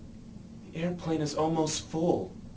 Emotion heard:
fearful